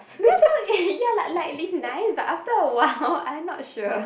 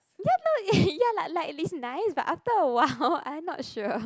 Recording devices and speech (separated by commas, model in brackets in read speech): boundary microphone, close-talking microphone, conversation in the same room